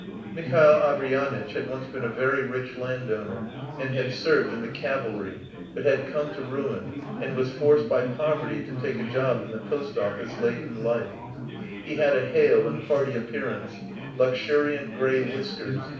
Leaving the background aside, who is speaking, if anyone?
One person.